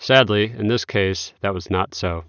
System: none